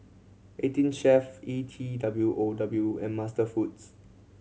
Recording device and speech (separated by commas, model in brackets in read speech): mobile phone (Samsung C7100), read sentence